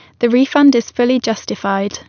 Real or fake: real